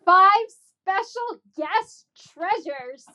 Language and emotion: English, disgusted